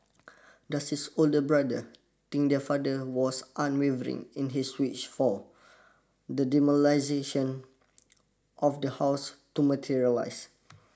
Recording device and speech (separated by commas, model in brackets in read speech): standing microphone (AKG C214), read sentence